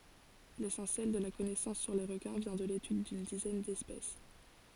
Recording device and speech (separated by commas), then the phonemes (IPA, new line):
forehead accelerometer, read sentence
lesɑ̃sjɛl də la kɔnɛsɑ̃s syʁ le ʁəkɛ̃ vjɛ̃ də letyd dyn dizɛn dɛspɛs